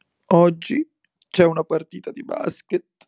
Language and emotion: Italian, sad